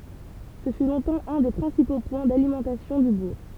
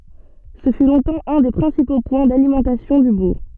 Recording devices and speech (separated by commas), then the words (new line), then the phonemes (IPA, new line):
temple vibration pickup, soft in-ear microphone, read sentence
Ce fut longtemps un des principaux points d'alimentation du bourg.
sə fy lɔ̃tɑ̃ œ̃ de pʁɛ̃sipo pwɛ̃ dalimɑ̃tasjɔ̃ dy buʁ